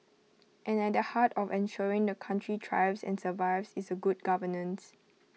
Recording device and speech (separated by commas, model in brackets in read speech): mobile phone (iPhone 6), read sentence